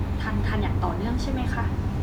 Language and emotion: Thai, neutral